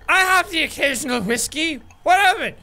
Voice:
drunken voice